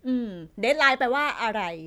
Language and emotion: Thai, frustrated